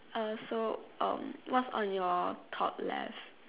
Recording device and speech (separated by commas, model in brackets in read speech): telephone, conversation in separate rooms